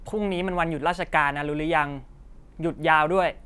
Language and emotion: Thai, frustrated